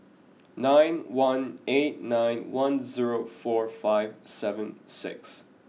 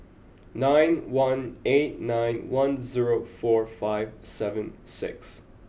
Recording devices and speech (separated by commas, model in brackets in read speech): mobile phone (iPhone 6), boundary microphone (BM630), read sentence